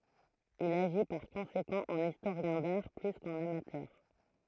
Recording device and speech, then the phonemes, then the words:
throat microphone, read sentence
il aʒi paʁ kɔ̃sekɑ̃ ɑ̃n istoʁjɛ̃ daʁ ply kɑ̃n amatœʁ
Il agit par conséquent en historien d'art plus qu'en amateur.

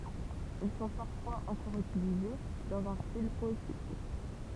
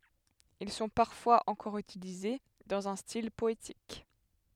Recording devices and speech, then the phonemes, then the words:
temple vibration pickup, headset microphone, read sentence
il sɔ̃ paʁfwaz ɑ̃kɔʁ ytilize dɑ̃z œ̃ stil pɔetik
Ils sont parfois encore utilisés dans un style poétique.

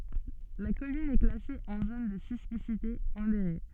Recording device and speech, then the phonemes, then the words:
soft in-ear microphone, read sentence
la kɔmyn ɛ klase ɑ̃ zon də sismisite modeʁe
La commune est classée en zone de sismicité modérée.

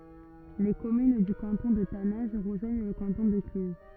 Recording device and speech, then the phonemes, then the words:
rigid in-ear microphone, read sentence
le kɔmyn dy kɑ̃tɔ̃ də tanɛ̃ʒ ʁəʒwaɲ lə kɑ̃tɔ̃ də klyz
Les communes du canton de Taninges rejoignent le canton de Cluses.

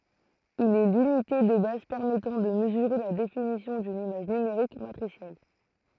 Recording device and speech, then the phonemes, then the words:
throat microphone, read sentence
il ɛ lynite də baz pɛʁmɛtɑ̃ də məzyʁe la definisjɔ̃ dyn imaʒ nymeʁik matʁisjɛl
Il est l'unité de base permettant de mesurer la définition d'une image numérique matricielle.

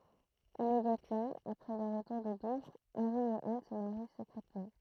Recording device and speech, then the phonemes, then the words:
throat microphone, read sentence
immedjatmɑ̃ apʁɛ lœʁ ʁətuʁ də duvʁ ɑ̃ʁi e an sə maʁi səkʁɛtmɑ̃
Immédiatement après leur retour de Douvres, Henri et Anne se marient secrètement.

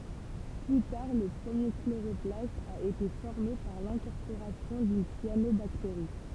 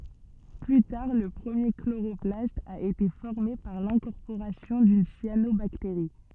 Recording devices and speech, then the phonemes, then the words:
temple vibration pickup, soft in-ear microphone, read sentence
ply taʁ lə pʁəmje kloʁɔplast a ete fɔʁme paʁ lɛ̃kɔʁpoʁasjɔ̃ dyn sjanobakteʁi
Plus tard, le premier chloroplaste a été formé par l'incorporation d'une cyanobactérie.

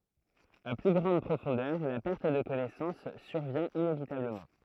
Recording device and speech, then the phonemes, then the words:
throat microphone, read sentence
a ply ɡʁɑ̃d pʁofɔ̃dœʁ la pɛʁt də kɔnɛsɑ̃s syʁvjɛ̃ inevitabləmɑ̃
À plus grande profondeur, la perte de connaissance survient inévitablement.

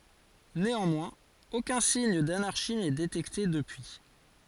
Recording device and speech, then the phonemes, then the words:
forehead accelerometer, read sentence
neɑ̃mwɛ̃z okœ̃ siɲ danaʁʃi nɛ detɛkte dəpyi
Néanmoins aucun signe d'anarchie n'est détecté depuis.

